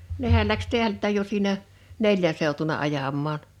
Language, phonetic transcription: Finnish, 'nehäl läks "teälttä̀j jo siinä , "neljän̬ seutuna 'ajam̆maan .
- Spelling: nehän lähti täältäkin jo siinä neljän seutuna ajamaan

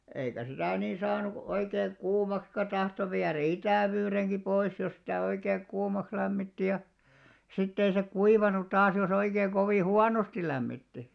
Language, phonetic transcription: Finnish, eikä 'sitä̀ 'nii 'saanuk- , oikeeŋ 'kuumakska tahto 'viärᵃ̈ "itä̀vyyreŋki 'pois jos 'sitä̀ oikeeŋ "ɢuumaks lämmitti ja , 'sitt ‿ei se "kuivanut 'taas jo's ‿oikeeḛ 'kovì "huanosti lämmitti .
- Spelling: eikä sitä niin saanut oikein kuumaksikaan tahtoi viedä itävyydenkin pois jos sitä oikein kuumaksi lämmitti ja sitten ei se kuivanut taas jos oikein kovin huonosti lämmitti

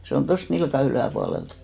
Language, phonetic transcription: Finnish, se on 'tost 'nilka 'ylä̀pualelt .
- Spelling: se on tuosta nilkan yläpuolelta

